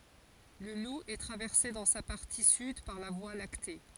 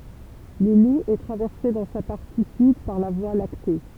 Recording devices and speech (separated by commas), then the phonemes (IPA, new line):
forehead accelerometer, temple vibration pickup, read sentence
lə lu ɛ tʁavɛʁse dɑ̃ sa paʁti syd paʁ la vwa lakte